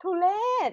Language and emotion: Thai, happy